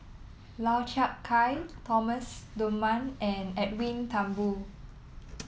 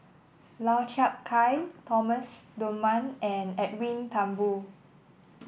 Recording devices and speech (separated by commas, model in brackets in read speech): mobile phone (iPhone 7), boundary microphone (BM630), read sentence